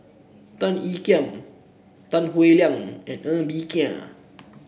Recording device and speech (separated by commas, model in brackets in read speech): boundary microphone (BM630), read sentence